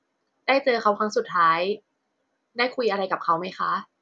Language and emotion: Thai, neutral